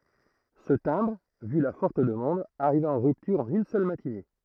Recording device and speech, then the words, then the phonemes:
throat microphone, read sentence
Ce timbre, vu la forte demande, arriva en rupture en une seule matinée.
sə tɛ̃bʁ vy la fɔʁt dəmɑ̃d aʁiva ɑ̃ ʁyptyʁ ɑ̃n yn sœl matine

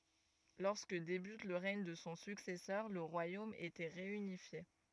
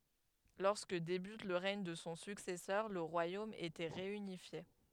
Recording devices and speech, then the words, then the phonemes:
rigid in-ear microphone, headset microphone, read sentence
Lorsque débute le règne de son successeur le royaume était réunifié.
lɔʁskə debyt lə ʁɛɲ də sɔ̃ syksɛsœʁ lə ʁwajom etɛ ʁeynifje

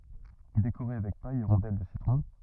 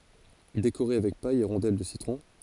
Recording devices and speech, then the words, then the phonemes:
rigid in-ear microphone, forehead accelerometer, read sentence
Décorez avec paille et rondelle de citron.
dekoʁe avɛk paj e ʁɔ̃dɛl də sitʁɔ̃

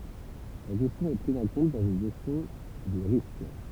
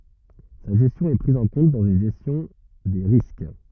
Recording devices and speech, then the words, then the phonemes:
temple vibration pickup, rigid in-ear microphone, read sentence
Sa gestion est prise en compte dans une gestion des risques.
sa ʒɛstjɔ̃ ɛ pʁiz ɑ̃ kɔ̃t dɑ̃z yn ʒɛstjɔ̃ de ʁisk

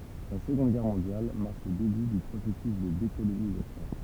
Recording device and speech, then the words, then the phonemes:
temple vibration pickup, read sentence
La Seconde Guerre mondiale marque le début du processus de décolonisation.
la səɡɔ̃d ɡɛʁ mɔ̃djal maʁk lə deby dy pʁosɛsys də dekolonizasjɔ̃

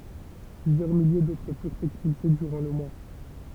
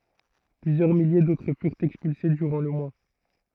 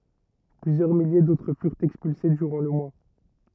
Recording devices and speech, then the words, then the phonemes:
temple vibration pickup, throat microphone, rigid in-ear microphone, read sentence
Plusieurs milliers d’autres furent expulsés durant le mois.
plyzjœʁ milje dotʁ fyʁt ɛkspylse dyʁɑ̃ lə mwa

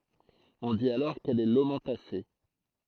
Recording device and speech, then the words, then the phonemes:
throat microphone, read sentence
On dit alors qu'elle est lomentacée.
ɔ̃ dit alɔʁ kɛl ɛ lomɑ̃tase

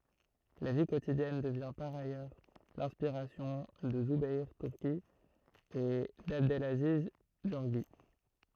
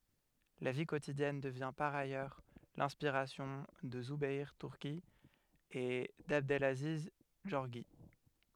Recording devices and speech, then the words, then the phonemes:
throat microphone, headset microphone, read sentence
La vie quotidienne devient par ailleurs l'inspiration de Zoubeir Turki et d'Abdelaziz Gorgi.
la vi kotidjɛn dəvjɛ̃ paʁ ajœʁ lɛ̃spiʁasjɔ̃ də zubɛʁ tyʁki e dabdlaziz ɡɔʁʒi

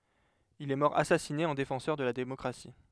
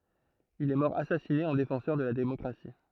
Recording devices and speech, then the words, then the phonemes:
headset microphone, throat microphone, read sentence
Il est mort assassiné en défenseur de la démocratie.
il ɛ mɔʁ asasine ɑ̃ defɑ̃sœʁ də la demɔkʁasi

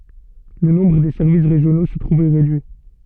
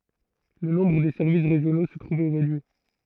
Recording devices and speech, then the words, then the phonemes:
soft in-ear microphone, throat microphone, read sentence
Le nombre des services régionaux se trouve réduit.
lə nɔ̃bʁ de sɛʁvis ʁeʒjono sə tʁuv ʁedyi

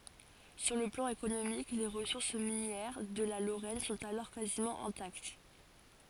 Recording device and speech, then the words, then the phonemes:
forehead accelerometer, read sentence
Sur le plan économique, les ressources minières de la Lorraine sont alors quasiment intactes.
syʁ lə plɑ̃ ekonomik le ʁəsuʁs minjɛʁ də la loʁɛn sɔ̃t alɔʁ kazimɑ̃ ɛ̃takt

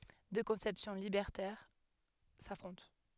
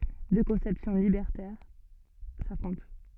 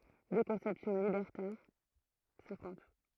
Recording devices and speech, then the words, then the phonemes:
headset microphone, soft in-ear microphone, throat microphone, read sentence
Deux conceptions libertaires s'affrontent.
dø kɔ̃sɛpsjɔ̃ libɛʁtɛʁ safʁɔ̃t

